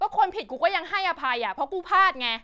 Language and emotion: Thai, angry